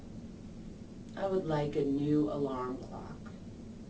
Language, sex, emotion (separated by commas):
English, female, neutral